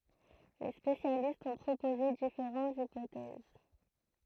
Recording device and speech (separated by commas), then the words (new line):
throat microphone, read sentence
Les spécialistes ont proposé différentes hypothèses.